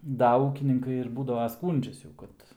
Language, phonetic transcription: Lithuanian, ˈda ˈūkininkai ir ˈbūdava ˈskūndžias jau ˈkad

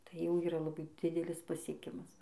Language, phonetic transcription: Lithuanian, ˈtai jau ˈyra laˈbai ˈdidelis pasieˈkimas

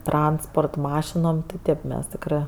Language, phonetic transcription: Lithuanian, ˈtransport ˈmašinom ti ˈtėp ˈmes ˈtikrɜ

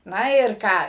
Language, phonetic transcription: Lithuanian, ˈna ir ˈką

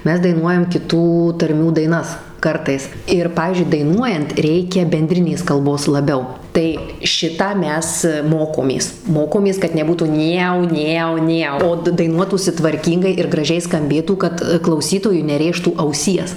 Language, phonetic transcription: Lithuanian, ˈmes daiˈnuojam kiˈtų tarˈmių daiˈnas ˈkartais ir ˈpavyzdžiui daiˈnuojant ˈreikia benˈdrinės kalˈbos laˈbiau ˈtai ˈšitą ˈmes ˈmokomės ˈmokomės kad neˈbūtų ˈnėu ˈnėu ˈnėu o d daiˈnuotųsi tvarˈkyngai ir graˈžiai skamˈbėtų kad klauˈsytojui neˈrėžtų auˈsies

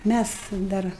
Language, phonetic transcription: Lithuanian, ˈmæs ˈdar

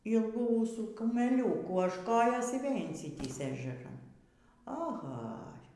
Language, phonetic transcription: Lithuanian, ˈylgų ˈūsų kumeˈliūkų až ˈkojos ir vėl' inˈsitįsė ežeˈran aˈha

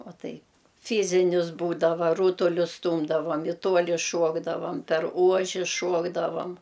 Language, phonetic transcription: Lithuanian, o ˈtaip ˈfyzinis ˈbūdava ˈrūtulius ˈstūmdavom i ˈtuoli ˈšuokdavam per ˈuoži ˈšuokdavam

